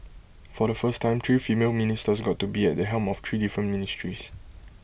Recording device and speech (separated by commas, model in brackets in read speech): boundary microphone (BM630), read sentence